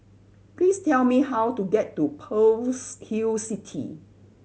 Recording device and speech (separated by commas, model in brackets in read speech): mobile phone (Samsung C7100), read sentence